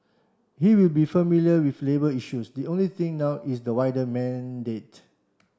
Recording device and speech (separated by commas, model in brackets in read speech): standing microphone (AKG C214), read sentence